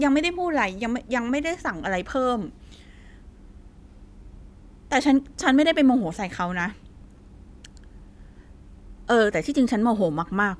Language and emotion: Thai, frustrated